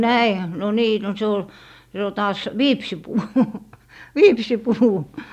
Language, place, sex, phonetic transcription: Finnish, Lappee, female, no "näihä m- , no 'nii , no 'se ol , 'se ol 'taas , "viipsipuu , "viipsipuu .
- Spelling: no näinhän - no niin no se oli se oli taas viipsinpuu viipsinpuu

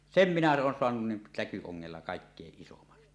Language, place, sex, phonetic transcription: Finnish, Suomussalmi, male, sem minä 'oon 'soanun nin täky₍oŋŋella "kàikkeeˀ 'ˀisoman .
- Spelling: sen minä olen saanut niin täkyongella kaikkein isomman

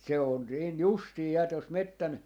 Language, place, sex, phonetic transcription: Finnish, Jaala, male, se on 'niin "justii 'ja tos "mettän ,.
- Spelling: se on niin justiin ja tuossa metsän

